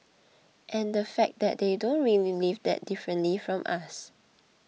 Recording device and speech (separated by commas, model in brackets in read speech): mobile phone (iPhone 6), read sentence